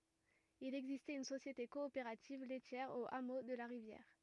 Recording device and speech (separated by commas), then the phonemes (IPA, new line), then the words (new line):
rigid in-ear microphone, read sentence
il ɛɡzistɛt yn sosjete kɔopeʁativ lɛtjɛʁ o amo də la ʁivjɛʁ
Il existait une société coopérative laitière au hameau de la Rivière.